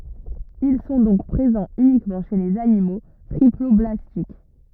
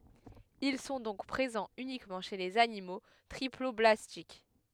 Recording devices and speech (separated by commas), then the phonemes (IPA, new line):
rigid in-ear microphone, headset microphone, read sentence
il sɔ̃ dɔ̃k pʁezɑ̃z ynikmɑ̃ ʃe lez animo tʁiplɔblastik